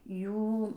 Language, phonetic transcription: Lithuanian, ˈjų

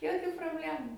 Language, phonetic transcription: Lithuanian, joˈkių probˈlemu

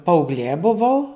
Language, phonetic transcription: Lithuanian, paaugˈlė buˈvau

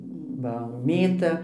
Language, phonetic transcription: Lithuanian, ˈva ˈmėta

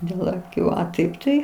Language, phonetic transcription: Lithuanian, dėl aˈkių a ˈtaip tai

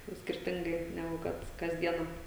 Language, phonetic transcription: Lithuanian, ˈnu skirˈtingai neˈgu ˈkad kas ˈdiena

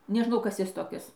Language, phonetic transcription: Lithuanian, neˈžnau ˈkas ˈjis toˈkis

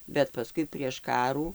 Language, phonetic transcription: Lithuanian, bet paˈskui prieš ˈkarų

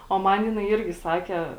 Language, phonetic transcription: Lithuanian, o ˈman ˈjinai ˈirgi ˈsake

